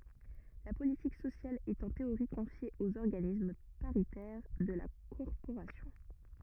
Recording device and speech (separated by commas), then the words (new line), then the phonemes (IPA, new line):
rigid in-ear microphone, read sentence
La politique sociale est en théorie confiée aux organismes paritaires de la corporation.
la politik sosjal ɛt ɑ̃ teoʁi kɔ̃fje oz ɔʁɡanism paʁitɛʁ də la kɔʁpoʁasjɔ̃